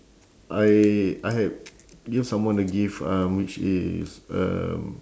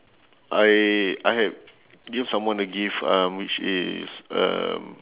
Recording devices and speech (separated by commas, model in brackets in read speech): standing microphone, telephone, conversation in separate rooms